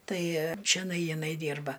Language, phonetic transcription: Lithuanian, ˈtai čeˈnai jiˈnai ˈdyrba

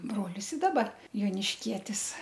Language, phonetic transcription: Lithuanian, ˈbrolis i ˈdaba jonišˈkietis

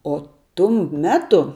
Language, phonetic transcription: Lithuanian, o ˈtum ˈmetu

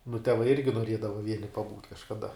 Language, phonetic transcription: Lithuanian, nu teˈvai ˈirgi noˈriedava ˈvieni paˈbūt' kažkaˈda

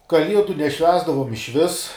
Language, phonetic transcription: Lithuanian, kaˈliedu neˈšvęsdavom išˈvis

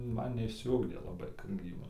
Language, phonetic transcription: Lithuanian, ˈman neišsiˈugdė laˈbai kad ˈgrybam

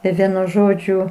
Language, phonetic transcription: Lithuanian, i ˈvienu ˈžodžiu

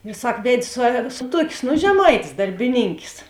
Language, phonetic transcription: Lithuanian, ir ˈsak ˈved' su su ˈtuokės nu žeˈmaitės darbiˈnynkės

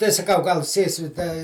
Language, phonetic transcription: Lithuanian, tai saˈkau gal ˈsėsi da

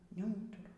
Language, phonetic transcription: Lithuanian, neˈūturu

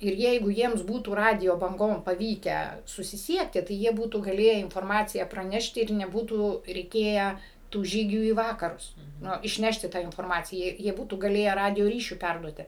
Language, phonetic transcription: Lithuanian, ir ˈjeigu ˈjiems ˈbūtų ˈradijo banˈgom paˈvykę susiˈsiekti tai ˈjie ˈbūtų gaˈlėję inforˈmaciją praˈnešti ir neˈbūtų reiˈkėję tų ˈžygių į ˈvakarus ˈnu išˈnešti ˈtą inforˈmaciją jie ˈbūtų gaˈlėję ˈradijo ˈryšiu ˈperduoti

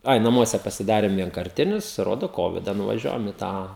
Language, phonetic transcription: Lithuanian, ˈai naˈmuose pasiˈdarėm vienkarˈtinius ˈrodo ˈkovida nuvaˈžiuojam i ˈtą

